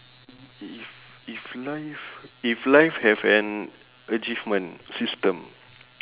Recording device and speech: telephone, conversation in separate rooms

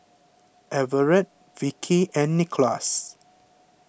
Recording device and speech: boundary microphone (BM630), read sentence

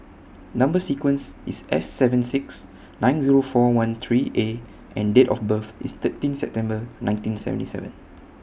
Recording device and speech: boundary microphone (BM630), read sentence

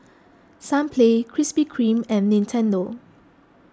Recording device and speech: close-talking microphone (WH20), read sentence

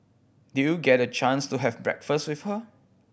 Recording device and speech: boundary microphone (BM630), read sentence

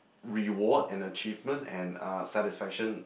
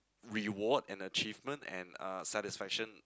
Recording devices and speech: boundary microphone, close-talking microphone, conversation in the same room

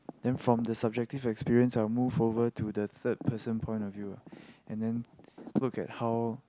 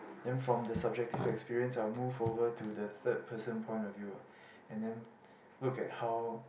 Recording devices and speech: close-talking microphone, boundary microphone, conversation in the same room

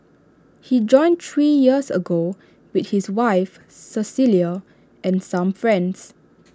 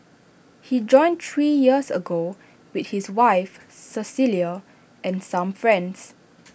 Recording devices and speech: standing microphone (AKG C214), boundary microphone (BM630), read sentence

